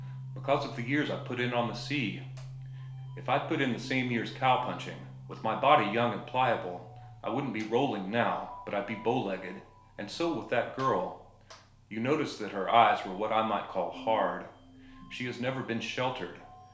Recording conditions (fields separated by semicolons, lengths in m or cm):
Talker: one person; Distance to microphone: 1.0 m; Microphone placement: close; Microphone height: 1.1 m; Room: small (3.7 m by 2.7 m); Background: music